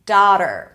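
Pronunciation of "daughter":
In 'daughter', the first vowel is an ah sound, as in 'father', not an aw sound.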